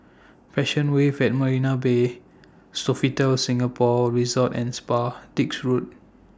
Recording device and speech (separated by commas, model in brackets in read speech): standing microphone (AKG C214), read sentence